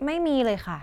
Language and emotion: Thai, frustrated